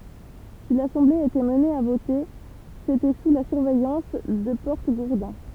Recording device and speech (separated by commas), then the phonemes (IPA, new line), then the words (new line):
temple vibration pickup, read sentence
si lasɑ̃ble etɛt amne a vote setɛ su la syʁvɛjɑ̃s də pɔʁtəɡuʁdɛ̃
Si l'assemblée était amenée à voter, c'était sous la surveillance de porte-gourdins.